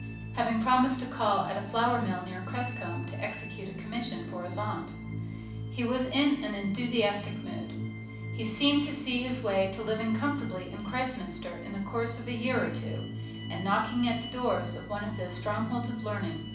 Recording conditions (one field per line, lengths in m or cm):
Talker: one person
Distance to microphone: 5.8 m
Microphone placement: far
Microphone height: 1.8 m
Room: medium-sized (5.7 m by 4.0 m)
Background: music